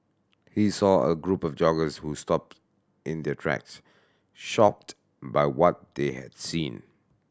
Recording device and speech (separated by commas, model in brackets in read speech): standing microphone (AKG C214), read sentence